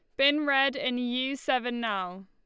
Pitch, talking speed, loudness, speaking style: 260 Hz, 175 wpm, -27 LUFS, Lombard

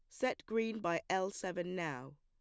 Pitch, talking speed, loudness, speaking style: 185 Hz, 180 wpm, -38 LUFS, plain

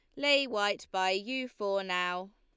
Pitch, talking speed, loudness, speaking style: 200 Hz, 165 wpm, -31 LUFS, Lombard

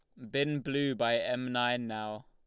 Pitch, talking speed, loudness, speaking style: 120 Hz, 185 wpm, -32 LUFS, Lombard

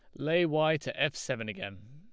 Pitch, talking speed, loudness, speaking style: 145 Hz, 210 wpm, -30 LUFS, Lombard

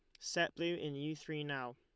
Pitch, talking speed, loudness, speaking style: 150 Hz, 230 wpm, -40 LUFS, Lombard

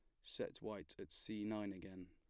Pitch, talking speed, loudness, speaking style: 100 Hz, 195 wpm, -48 LUFS, plain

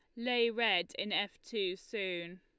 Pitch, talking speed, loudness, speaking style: 205 Hz, 165 wpm, -34 LUFS, Lombard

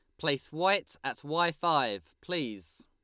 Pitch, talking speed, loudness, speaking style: 150 Hz, 135 wpm, -30 LUFS, Lombard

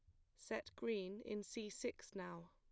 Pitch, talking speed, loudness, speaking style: 200 Hz, 165 wpm, -48 LUFS, plain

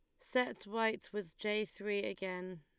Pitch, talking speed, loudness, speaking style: 205 Hz, 150 wpm, -38 LUFS, Lombard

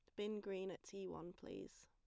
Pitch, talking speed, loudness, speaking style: 195 Hz, 215 wpm, -50 LUFS, plain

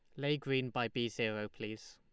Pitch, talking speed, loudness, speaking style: 120 Hz, 210 wpm, -37 LUFS, Lombard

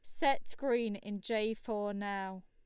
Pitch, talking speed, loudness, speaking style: 210 Hz, 160 wpm, -36 LUFS, Lombard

